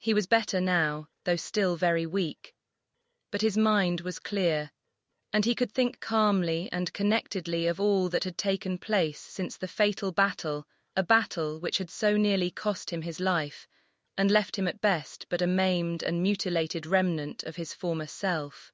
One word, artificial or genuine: artificial